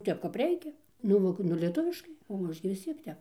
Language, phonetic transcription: Lithuanian, ˈtep kap ˈreikia nu ˈmoku nu lieˈtuviškai o ˈaš gi vis ˈciek ˈtep

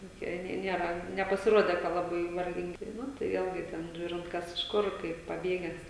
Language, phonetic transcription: Lithuanian, toˈkie ˈnei ˈniera nepasiˈruode ka laˈbai varˈgingi ˈnu tai ˈvėlgi ˈten ˈžiūrint ˈkas iš ˈkur ˈkaip paˈbėges

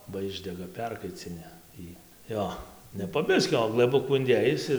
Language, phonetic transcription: Lithuanian, ba ˈišdega ˈperkaicini ˈjį ˈjo ne po ˈbiskio o glɘˈbukų inˈdėjis ir

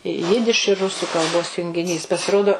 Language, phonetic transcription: Lithuanian, ˈjidiš ir ˈrusu kalˈbos jungiˈnys pasiˈrodo

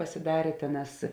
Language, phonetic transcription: Lithuanian, pasiˈdarė ˈtėˌnās

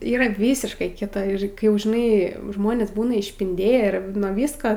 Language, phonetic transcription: Lithuanian, ˈyra ˈvysiškai ˈkita ir ˈkai jau žiˈnai ˈžmonės ˈbūna išpinˈdėję ˈir nuo ˈvisko

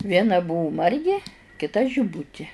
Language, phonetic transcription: Lithuanian, ˈviena ˈbuvu ˈmargi kiˈta žiˈbuti

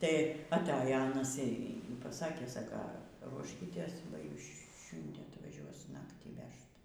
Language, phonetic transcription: Lithuanian, tai atˈajo ˈanas y paˈsakė ˈsaka ˈruoškytės ba ˈjūs ˈšiundie atvaˈžiuos ˈnaktį ˈvežt

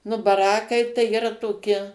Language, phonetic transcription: Lithuanian, nu baˈrakai tai yˈra toˈki

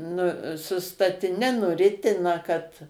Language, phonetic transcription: Lithuanian, nu su statiˈne nuˈritina kad

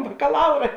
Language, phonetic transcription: Lithuanian, bakaˈlaura

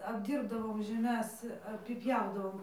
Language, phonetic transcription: Lithuanian, apˈdyrbdavom žeˈmes apiˈpjaudavom

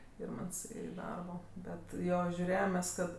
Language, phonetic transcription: Lithuanian, ˈirmants i ˈdarbo ˈbet ˈjo žiuˈrėjem mes ˈkad

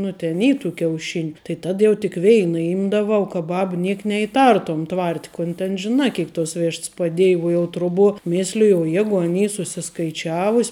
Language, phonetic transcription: Lithuanian, ˈnu ten ˈy tų kiauˈšiniu tai ˈtad jau tik ˈveina ˈimdavau ka ˈbab ˈniek neiˈtartom ˈtvart' kun ten žiˈna ˈkėik tos ˈvišts paˈdėj uo jau ˈtruˌbuo ˈmisliju o ˈjegu an ˈy susiskaiˈčiavus'

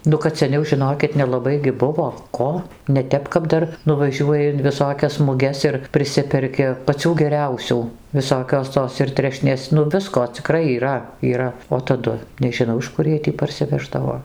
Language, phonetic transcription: Lithuanian, ˈnu kad seˈniau žiˈnokit nelaˈbai gi ˈbuvo ˈko neˈtep kap ˈdar nuvaˈžiuoji in viˈsokias muˈges ir priˈsiperki paˈcių geˈriausių viˈsokios ˈtos ir ˈtrešnės ˈnu ˈvisko ciˈkrai yˈra yˈra o taˈdu nežiˈnau iš ˈkur jiej tį parsiˈveždavo

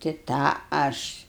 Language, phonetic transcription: Lithuanian, ti ˈtą ˈaš

